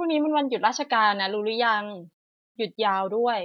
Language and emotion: Thai, neutral